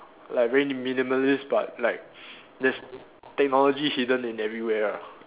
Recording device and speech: telephone, conversation in separate rooms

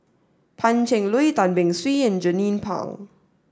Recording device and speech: standing microphone (AKG C214), read sentence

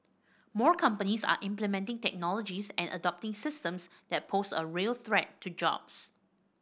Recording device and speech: boundary microphone (BM630), read sentence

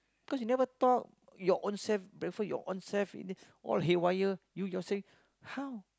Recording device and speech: close-talking microphone, conversation in the same room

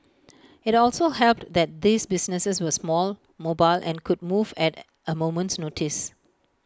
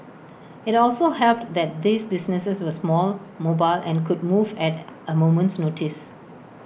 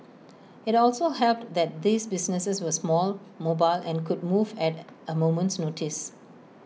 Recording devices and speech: close-talking microphone (WH20), boundary microphone (BM630), mobile phone (iPhone 6), read sentence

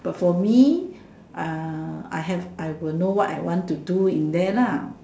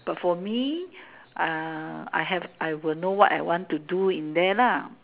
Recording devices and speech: standing microphone, telephone, conversation in separate rooms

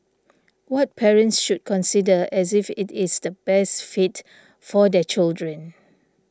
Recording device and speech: standing microphone (AKG C214), read sentence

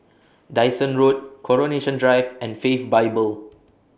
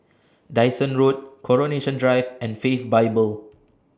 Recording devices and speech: boundary microphone (BM630), standing microphone (AKG C214), read sentence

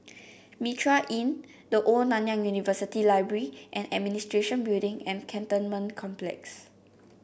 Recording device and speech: boundary microphone (BM630), read sentence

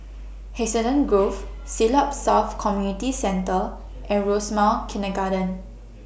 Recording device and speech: boundary microphone (BM630), read sentence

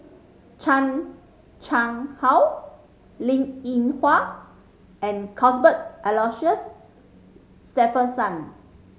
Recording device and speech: mobile phone (Samsung C5010), read sentence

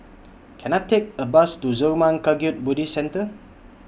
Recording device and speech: boundary microphone (BM630), read sentence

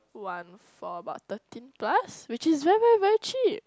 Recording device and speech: close-talking microphone, conversation in the same room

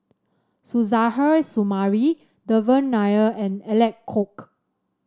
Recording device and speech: standing microphone (AKG C214), read sentence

